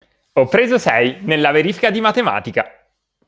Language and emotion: Italian, happy